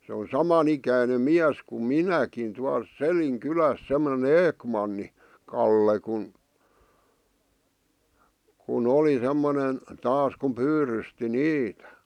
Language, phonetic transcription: Finnish, se on "saman ‿ikäinem 'miäs kum "minäkin tual "Selin 'kyläs semmᵒne "Eekmanni , 'Kalle kun , ku'n ‿oli 'semmonen , 'taas kuᵐ "pyyrysti "niitᴀ̈ .
- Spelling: se on saman ikäinen mies kuin minäkin tuolla Selin kylässä semmoinen Ekman Kalle kun kun oli semmoinen taas kun pyydysti niitä

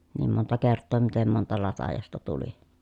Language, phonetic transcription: Finnish, niim monta kerttoo mitem monta latajasta tuli .
- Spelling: niin monta kertaa miten monta latajasta tuli

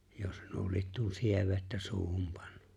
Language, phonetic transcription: Finnish, jos nuo 'liet tuon 'sievettä 'suuhum pᴀɴɴᴜ .
- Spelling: jos nuo lie tuon sievettä suuhun pannut

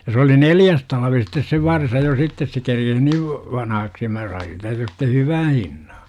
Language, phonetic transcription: Finnish, ja se oli "neljäs talvi sittes se 'varsa jo 'sittes se kerkes niiv , 'vanahaksi ja 'mä sain siitä sitte "hyvän̬ 'hinNA .
- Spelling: ja se oli neljäs talvi sitten se varsa jo sitten se kerkisi niin vanhaksi ja minä sain siitä sitten hyvän hinnan

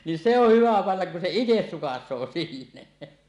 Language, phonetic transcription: Finnish, nin 'se ‿oh 'hyvä pannak kun se "ites 'sukas̆soo 'sinne .
- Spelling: niin se on hyvä panna kun se itse sukaisee sinne

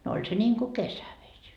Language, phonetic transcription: Finnish, no 'oĺ se ńiiŋku "kesäveś .
- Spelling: no oli se niin kuin kesävesi

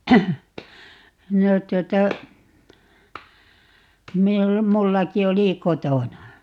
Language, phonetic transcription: Finnish, 'no 'tuota , 'mi(n)ul- , 'mullaki 'oli "kotona .
- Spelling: no tuota - minullakin oli kotona

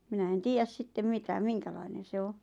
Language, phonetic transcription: Finnish, 'minä en "tiijäs sittem 'mitä "miŋkälainen̬ se 'o .
- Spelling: minä en tiedä sitten mitä minkälainen se on

